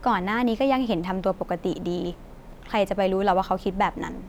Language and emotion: Thai, frustrated